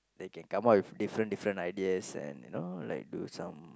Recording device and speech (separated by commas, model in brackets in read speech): close-talking microphone, conversation in the same room